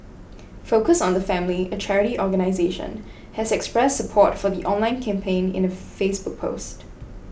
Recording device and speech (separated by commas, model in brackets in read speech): boundary microphone (BM630), read sentence